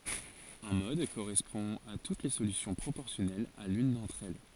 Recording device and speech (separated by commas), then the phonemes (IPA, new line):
forehead accelerometer, read sentence
œ̃ mɔd koʁɛspɔ̃ a tut le solysjɔ̃ pʁopɔʁsjɔnɛlz a lyn dɑ̃tʁ ɛl